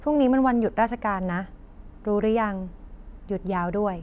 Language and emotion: Thai, neutral